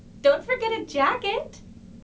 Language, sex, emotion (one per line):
English
female
happy